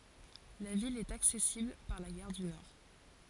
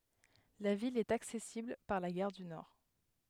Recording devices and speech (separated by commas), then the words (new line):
forehead accelerometer, headset microphone, read sentence
La ville est accessible par la gare du Nord.